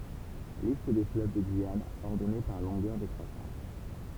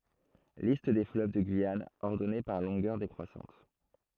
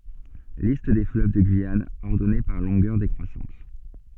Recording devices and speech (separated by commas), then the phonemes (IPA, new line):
temple vibration pickup, throat microphone, soft in-ear microphone, read sentence
list de fløv də ɡyijan ɔʁdɔne paʁ lɔ̃ɡœʁ dekʁwasɑ̃t